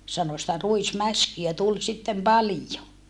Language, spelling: Finnish, sanoi sitä ruismäskiä tuli sitten paljon
- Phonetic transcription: sano sⁱtä ruismäskiä tul sittem palijo .

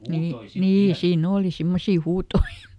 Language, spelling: Finnish, niin niin siinä oli semmoisia huutoja
- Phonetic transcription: nii , "nii ˈsii"n ‿ooli ˈsimmosi ˈhuutoi .

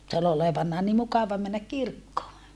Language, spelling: Finnish, se oli olevanaan niin mukava mennä kirkkoon
- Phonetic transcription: se ol ‿olevannaa ni mukava männäk kirkkoo .

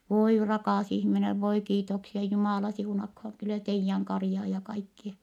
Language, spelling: Finnish, voi rakas ihminen voi kiitoksia Jumala siunatkoon kyllä teidän karjaa ja kaikkia
- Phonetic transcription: » voi rakàs ihminev voi kiitoksia , Jumàla siunakhoŋ kylä teijjäŋ karⁱjaa ja kaikkie . »

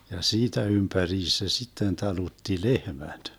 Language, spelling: Finnish, ja siitä ympäriinsä se sitten talutti lehmät
- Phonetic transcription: ja "siitä 'ympäriis se 'sitten 'talutti "lehmäD .

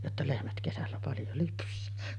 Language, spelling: Finnish, jotta lehmät kesällä paljon lypsää
- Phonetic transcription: jotta 'lehmät kesällä paljo 'lyps̆sää .

